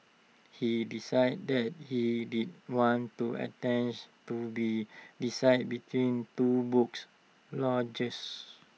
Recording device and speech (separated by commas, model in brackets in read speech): mobile phone (iPhone 6), read sentence